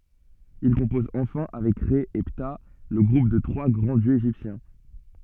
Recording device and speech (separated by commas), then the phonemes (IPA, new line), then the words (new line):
soft in-ear microphone, read sentence
il kɔ̃pɔz ɑ̃fɛ̃ avɛk ʁɛ e pta lə ɡʁup de tʁwa ɡʁɑ̃ djøz eʒiptjɛ̃
Il compose enfin avec Rê et Ptah le groupe des trois grands dieux égyptiens.